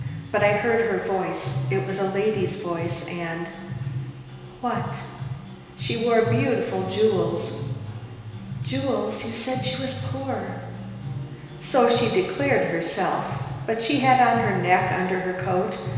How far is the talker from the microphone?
1.7 m.